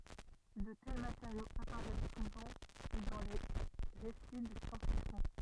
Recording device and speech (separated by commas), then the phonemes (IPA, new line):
rigid in-ear microphone, read sentence
də tɛl mateʁjoz apaʁɛs suvɑ̃ dɑ̃ de ʁesi də sjɑ̃s fiksjɔ̃